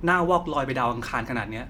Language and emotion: Thai, neutral